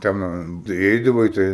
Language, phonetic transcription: Lithuanian, ˈten iˈeidavai ˈtai

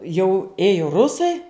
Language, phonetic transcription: Lithuanian, jau ˈėjo ˈrusai

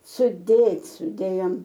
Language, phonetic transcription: Lithuanian, suˈdėt' suˈdėjom

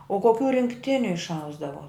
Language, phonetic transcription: Lithuanian, o koˈkių rinkˈtiniu išˈausdavo

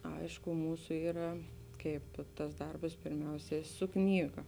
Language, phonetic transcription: Lithuanian, ˈaišku ˈmūsu ˈyra ˈkaip tas ˈdarbas pirˈmiausia su ˈknyga

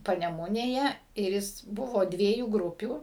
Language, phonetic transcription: Lithuanian, paneˈmunėje ir ˈjis ˈbuvo ˈdviejų ˈgrupių

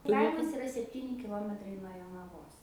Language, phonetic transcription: Lithuanian, ˈkaimas iˈra sepˈtyni kiˈlometrai nuo jonaˈvos

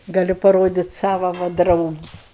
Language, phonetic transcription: Lithuanian, gaˈliu paˈrodit' ˈsava va ˈdraugis'

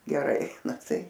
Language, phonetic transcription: Lithuanian, geˈrai na tai

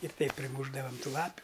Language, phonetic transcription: Lithuanian, ir ˈtaip priˈmūšdavam ˈtų ˈlapiu

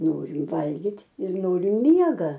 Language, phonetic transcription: Lithuanian, ˈnorim ˈvalgit' ir ˈnorim ˈmiega

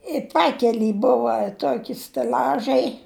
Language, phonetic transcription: Lithuanian, i ˈpakely ˈbuva ˈtoki steˈl'ažai

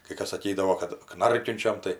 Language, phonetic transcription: Lithuanian, kɜ ˈkas ˈsakydavo kad ˈknarkiunčiam tai

